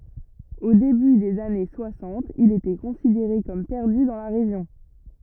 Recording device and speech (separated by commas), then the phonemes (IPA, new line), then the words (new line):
rigid in-ear microphone, read sentence
o deby dez ane swasɑ̃t il etɛ kɔ̃sideʁe kɔm pɛʁdy dɑ̃ la ʁeʒjɔ̃
Au début des années soixante, il était considéré comme perdu dans la région.